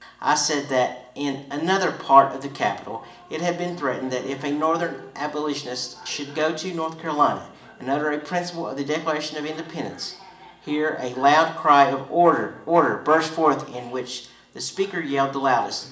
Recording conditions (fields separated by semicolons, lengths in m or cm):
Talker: one person; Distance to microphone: 1.8 m; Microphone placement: close; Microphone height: 1.0 m; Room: large; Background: television